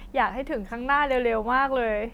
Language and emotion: Thai, happy